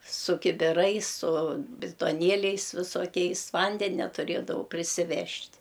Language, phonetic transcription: Lithuanian, su kibiˈrais su bitoˈnieliais visoˈkiais ˈvandenia tuˈrėdavau prisiˈvežt'

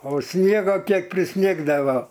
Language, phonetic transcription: Lithuanian, o ˈsniego ˈkiek priˈsnigdavo

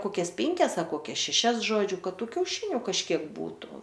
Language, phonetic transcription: Lithuanian, ˈkokias ˈpinkias ar koˈkias šeˈšias ˈžodžiu ˈkad ˈtų kiauˈšiniu kažˈkiek ˈbūtu

